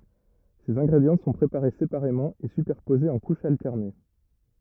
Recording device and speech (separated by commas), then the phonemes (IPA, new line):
rigid in-ear microphone, read sentence
sez ɛ̃ɡʁedjɑ̃ sɔ̃ pʁepaʁe sepaʁemɑ̃ e sypɛʁpozez ɑ̃ kuʃz altɛʁne